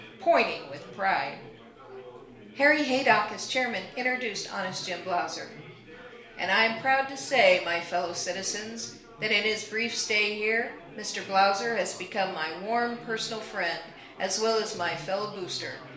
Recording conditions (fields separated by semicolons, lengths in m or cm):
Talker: one person; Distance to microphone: 1.0 m; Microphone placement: close; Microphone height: 1.1 m; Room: small (3.7 m by 2.7 m); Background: babble